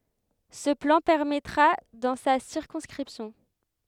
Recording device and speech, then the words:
headset microphone, read sentence
Ce plan permettra dans sa circonscription.

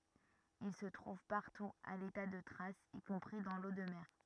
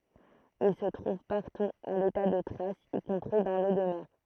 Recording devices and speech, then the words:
rigid in-ear microphone, throat microphone, read sentence
Il se trouve partout à l'état de traces, y compris dans l'eau de mer.

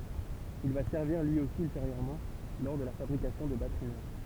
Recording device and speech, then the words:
temple vibration pickup, read sentence
Il va servir lui aussi ultérieurement lors de la fabrication de batteries neuves.

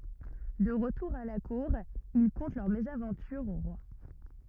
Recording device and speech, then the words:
rigid in-ear microphone, read sentence
De retour à la Cour, ils content leur mésaventure au roi.

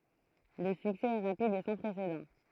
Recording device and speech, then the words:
throat microphone, read sentence
Le succès est rapide et sans précédent.

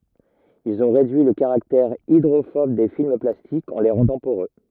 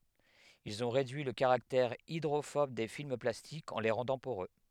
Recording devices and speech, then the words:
rigid in-ear microphone, headset microphone, read sentence
Ils ont réduit le caractère hydrophobe des films plastiques en les rendant poreux.

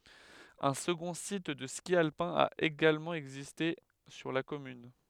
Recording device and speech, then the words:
headset microphone, read sentence
Un second site de ski alpin a également existé sur la commune.

